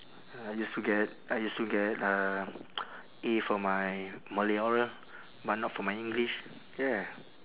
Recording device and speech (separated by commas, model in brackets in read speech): telephone, conversation in separate rooms